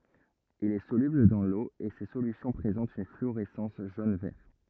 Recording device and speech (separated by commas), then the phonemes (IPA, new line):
rigid in-ear microphone, read sentence
il ɛ solybl dɑ̃ lo e se solysjɔ̃ pʁezɑ̃tt yn flyoʁɛsɑ̃s ʒon vɛʁ